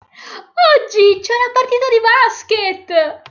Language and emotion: Italian, happy